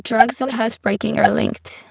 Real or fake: fake